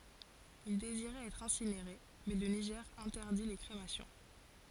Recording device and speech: forehead accelerometer, read sentence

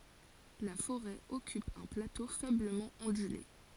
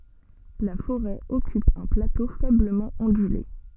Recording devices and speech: forehead accelerometer, soft in-ear microphone, read sentence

